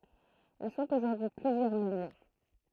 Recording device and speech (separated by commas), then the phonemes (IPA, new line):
throat microphone, read sentence
il sɔ̃t oʒuʁdyi y plyzjœʁ miljɔ̃